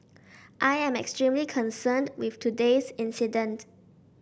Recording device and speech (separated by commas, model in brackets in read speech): boundary microphone (BM630), read sentence